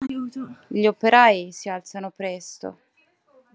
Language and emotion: Italian, sad